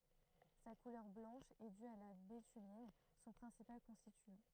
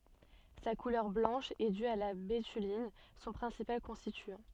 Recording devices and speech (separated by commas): throat microphone, soft in-ear microphone, read sentence